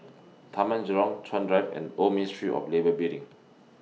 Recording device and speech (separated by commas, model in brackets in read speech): mobile phone (iPhone 6), read sentence